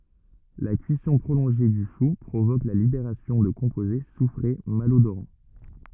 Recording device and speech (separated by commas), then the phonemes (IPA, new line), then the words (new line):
rigid in-ear microphone, read sentence
la kyisɔ̃ pʁolɔ̃ʒe dy ʃu pʁovok la libeʁasjɔ̃ də kɔ̃poze sufʁe malodoʁɑ̃
La cuisson prolongée du chou provoque la libération de composés soufrés malodorants.